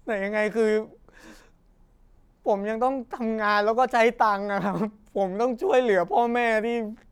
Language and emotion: Thai, sad